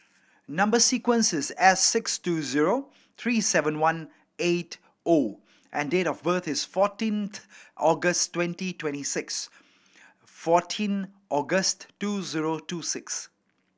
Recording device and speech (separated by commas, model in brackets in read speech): boundary microphone (BM630), read sentence